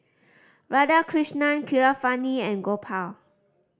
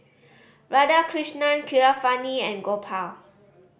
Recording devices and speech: standing microphone (AKG C214), boundary microphone (BM630), read sentence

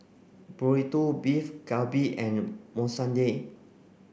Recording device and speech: boundary microphone (BM630), read sentence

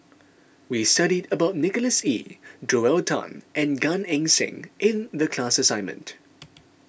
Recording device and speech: boundary microphone (BM630), read sentence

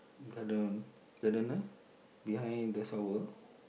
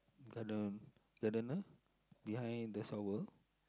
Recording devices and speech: boundary microphone, close-talking microphone, conversation in the same room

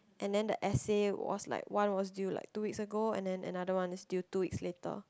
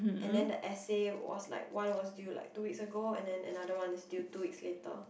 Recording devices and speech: close-talking microphone, boundary microphone, conversation in the same room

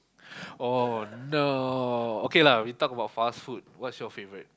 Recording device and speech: close-talking microphone, conversation in the same room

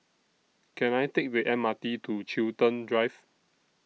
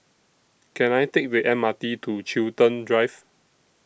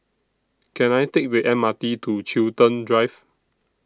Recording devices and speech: mobile phone (iPhone 6), boundary microphone (BM630), standing microphone (AKG C214), read sentence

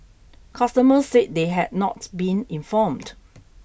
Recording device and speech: boundary microphone (BM630), read sentence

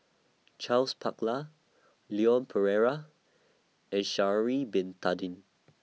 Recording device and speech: mobile phone (iPhone 6), read sentence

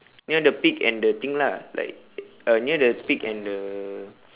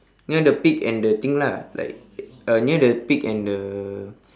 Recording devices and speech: telephone, standing microphone, conversation in separate rooms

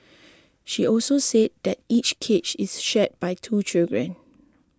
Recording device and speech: close-talking microphone (WH20), read sentence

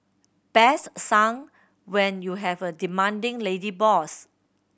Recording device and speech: boundary microphone (BM630), read sentence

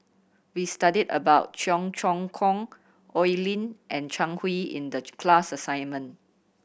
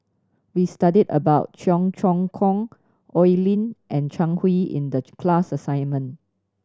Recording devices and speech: boundary microphone (BM630), standing microphone (AKG C214), read sentence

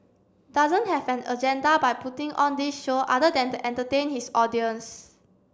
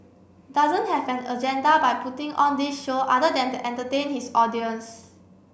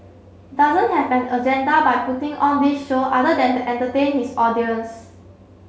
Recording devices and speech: standing microphone (AKG C214), boundary microphone (BM630), mobile phone (Samsung C7), read sentence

